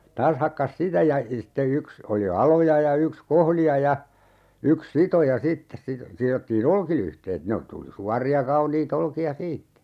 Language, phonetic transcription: Finnish, 'taas hakkas "sitä ja sitte 'yks , oli "aloja ja 'yks "kohlija ja , 'yks "sitoja 'sittes sito - 'sirottii"n ‿olkilyhteet 'ne o - tuli 'suar̀i₍a 'kaunii't ‿olkia "siittä .
- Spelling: taas hakkasi sitä ja sitten yksi oli aloja ja yksi kohlija ja yksi sitoja sitten - sidottiin olkilyhteet ne - tuli suoria kauniita olkia siitä

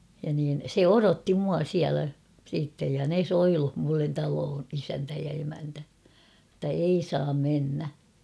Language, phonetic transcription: Finnish, ja niin , 'se "orotti mua 'siälä , siittej ja 'ne "soiluh mullen 'taloon 'isäntä ja emäntä , [et]tä 'ei saam 'mennä .
- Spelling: ja niin se odotti minua siellä sitten ja ne soilusi minulle taloon isäntä ja emäntä että ei saa mennä

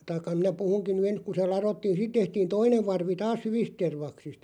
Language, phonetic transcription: Finnish, taⁱkka minä 'puhuŋkiⁿ ny "ens ku se "larottiin̬ sit 'tehtiin "toinev 'varvi 'taas "hyvist 'tervaksist .
- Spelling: tai minä puhunkin nyt ensin kun se ladottiin sitten tehtiin toinen varvi taas hyvistä tervaksista

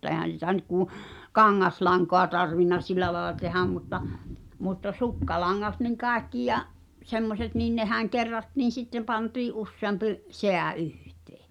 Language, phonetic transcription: Finnish, e̬hän̬ sitä nyt kù , "kaŋŋaslaŋkoa tarvinna 'sil̆lä laela tehäm mutta , mutta "sukkalaŋŋat niŋ "kàekki ja’ , 'semmoset niin "nehäŋ 'kerrattiin̬ 'sittem pantii’ '’usseampi’ , "seä '’yhtee .
- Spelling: eihän sitä nyt kun kangaslankaa tarvinnut sillä lailla tehdä mutta mutta sukkalangat niin kaikki ja semmoiset niin nehän kerrattiin sitten pantiin useampi säie yhteen

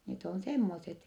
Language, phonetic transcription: Finnish, net ‿on semmoset .
- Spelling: ne on semmoiset

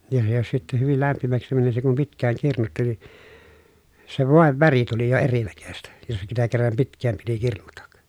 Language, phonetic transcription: Finnish, ja se jos sitte hyvil lämpimäksi mäni se kum pitk̀ääŋ kirnutti ni , se vòev väri tuli jo erinäköstä , jos sitä kerram pitk̀ääm piti kirnutak .
- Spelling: ja se jos sitten hyvin lämpimäksi meni se kun pitkään kirnuttiin niin se voin väri tuli jo erinäköistä jos sitä kerran pitkään piti kirnuta

